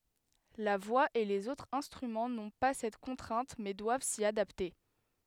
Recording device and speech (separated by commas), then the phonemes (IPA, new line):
headset microphone, read sentence
la vwa e lez otʁz ɛ̃stʁymɑ̃ nɔ̃ pa sɛt kɔ̃tʁɛ̃t mɛ dwav si adapte